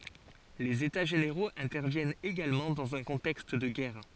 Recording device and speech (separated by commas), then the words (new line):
forehead accelerometer, read sentence
Les états généraux interviennent également dans un contexte de guerre.